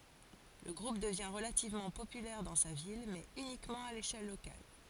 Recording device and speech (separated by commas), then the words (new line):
forehead accelerometer, read sentence
Le groupe devient relativement populaire dans sa ville, mais uniquement à l'échelle locale.